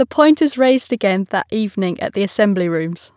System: none